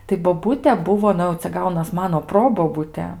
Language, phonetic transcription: Lithuanian, tai boˈbute ˈbuvo ˈnu jau cia ˈgaunas ˈmano ˈprobobute

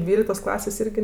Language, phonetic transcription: Lithuanian, ˈdvyliktos ˈklasės ˈirgi

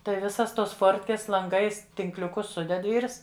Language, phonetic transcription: Lithuanian, ˈtai ˈvisas tos ˈfortkės lanˈgais tinkliuˈkus ˈsuded ˈvyrs

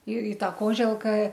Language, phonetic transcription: Lithuanian, ir i ˈta ˈkoželka

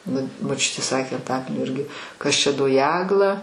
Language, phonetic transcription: Lithuanian, ˈnu moˈčiutė ˈsakė anˈtakalnio ˈirgi ˈkas ˈčia do ˈjegla

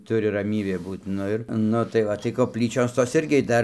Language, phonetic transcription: Lithuanian, ˈturi raˈmybė ˈbūt ˈnu ir ˈnu tai ˈva tai kopˈlyčios tos ˈirgi ˈdar

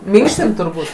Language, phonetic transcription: Lithuanian, ˈminkštin turˈbūt'

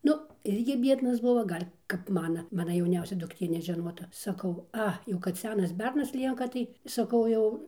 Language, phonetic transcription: Lithuanian, ˈnu ˈirgi ˈbiednas ˈbuvo ˈgal' kap ˈmana ˈmana jauˈniausia dukˈtė nežeˈnota saˈkau ˈa jau kad ˈsenas ˈbernas ˈlienka ˈtai saˈkau jau

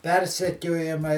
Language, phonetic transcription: Lithuanian, ˈpersekiojamai

